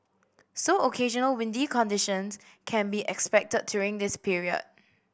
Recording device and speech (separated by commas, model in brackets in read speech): boundary microphone (BM630), read sentence